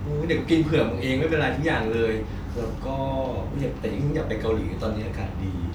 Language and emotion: Thai, neutral